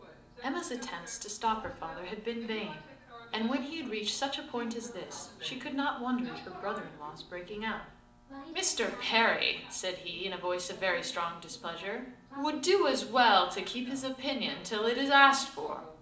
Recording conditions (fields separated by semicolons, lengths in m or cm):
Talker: one person; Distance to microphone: 2.0 m; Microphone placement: close; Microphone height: 99 cm; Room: medium-sized (5.7 m by 4.0 m); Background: television